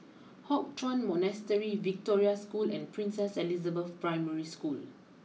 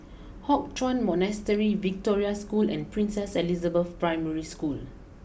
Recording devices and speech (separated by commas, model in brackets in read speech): mobile phone (iPhone 6), boundary microphone (BM630), read sentence